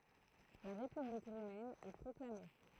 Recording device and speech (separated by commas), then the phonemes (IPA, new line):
throat microphone, read sentence
la ʁepyblik ʁomɛn ɛ pʁɔklame